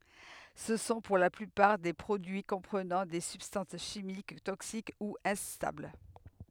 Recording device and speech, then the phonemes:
headset microphone, read sentence
sə sɔ̃ puʁ la plypaʁ de pʁodyi kɔ̃pʁənɑ̃ de sybstɑ̃s ʃimik toksik u ɛ̃stabl

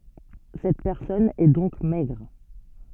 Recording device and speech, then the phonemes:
soft in-ear microphone, read sentence
sɛt pɛʁsɔn ɛ dɔ̃k mɛɡʁ

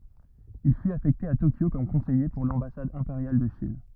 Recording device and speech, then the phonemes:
rigid in-ear microphone, read sentence
il fyt afɛkte a tokjo kɔm kɔ̃sɛje puʁ lɑ̃basad ɛ̃peʁjal də ʃin

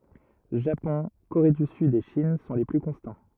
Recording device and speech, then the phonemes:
rigid in-ear microphone, read sentence
ʒapɔ̃ koʁe dy syd e ʃin sɔ̃ le ply kɔ̃stɑ̃

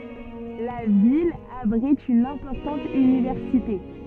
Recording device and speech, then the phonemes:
soft in-ear microphone, read sentence
la vil abʁit yn ɛ̃pɔʁtɑ̃t ynivɛʁsite

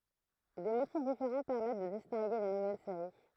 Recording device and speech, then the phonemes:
throat microphone, read sentence
de motif difeʁɑ̃ pɛʁmɛt də distɛ̃ɡe le nuvɛl seʁi

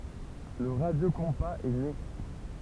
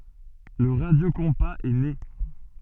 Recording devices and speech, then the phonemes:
temple vibration pickup, soft in-ear microphone, read sentence
lə ʁadjokɔ̃paz ɛ ne

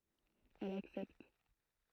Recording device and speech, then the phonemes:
throat microphone, read sentence
ɛl aksɛpt

